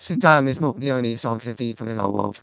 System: VC, vocoder